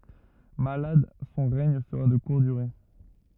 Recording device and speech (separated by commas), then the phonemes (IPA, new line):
rigid in-ear microphone, read sentence
malad sɔ̃ ʁɛɲ səʁa də kuʁt dyʁe